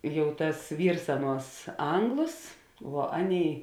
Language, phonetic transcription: Lithuanian, ˈjau tas ˈvyrs ˈaˌnuos ˈanglos vuo ˈaˌnėi

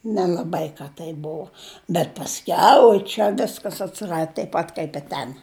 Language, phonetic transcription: Lithuanian, nelaˈbai ˈka tai ˈbuo bet pasˈkiau oi ˈčia ˈviskas atsiˈrad taip ˈpat kaip i ˈten

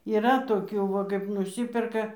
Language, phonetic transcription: Lithuanian, yˈra toˈkių va ˈkaip nuˈsyperka

